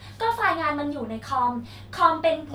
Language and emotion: Thai, frustrated